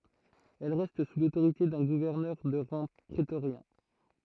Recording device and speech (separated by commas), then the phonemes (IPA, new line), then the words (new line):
throat microphone, read sentence
ɛl ʁɛst su lotoʁite dœ̃ ɡuvɛʁnœʁ də ʁɑ̃ pʁetoʁjɛ̃
Elle reste sous l'autorité d'un gouverneur de rang prétorien.